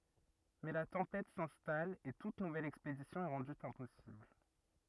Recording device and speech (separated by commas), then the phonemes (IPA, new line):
rigid in-ear microphone, read sentence
mɛ la tɑ̃pɛt sɛ̃stal e tut nuvɛl ɛkspedisjɔ̃ ɛ ʁɑ̃dy ɛ̃pɔsibl